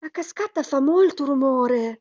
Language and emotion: Italian, surprised